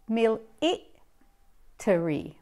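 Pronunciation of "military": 'Military' is said with a British accent.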